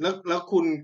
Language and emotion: Thai, frustrated